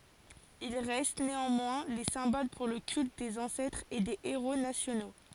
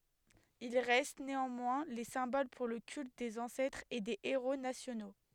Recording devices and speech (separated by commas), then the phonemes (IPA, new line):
forehead accelerometer, headset microphone, read sentence
il ʁɛst neɑ̃mwɛ̃ le sɛ̃bol puʁ lə kylt dez ɑ̃sɛtʁz e de eʁo nasjono